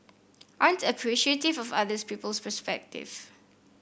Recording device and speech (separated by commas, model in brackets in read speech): boundary microphone (BM630), read sentence